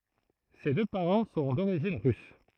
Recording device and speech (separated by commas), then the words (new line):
throat microphone, read sentence
Ses deux parents sont d'origine russe.